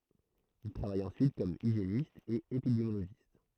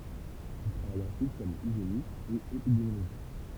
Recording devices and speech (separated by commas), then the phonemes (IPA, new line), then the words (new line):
throat microphone, temple vibration pickup, read sentence
il tʁavaj ɑ̃syit kɔm iʒjenist e epidemjoloʒist
Il travaille ensuite comme hygiéniste et épidémiologiste.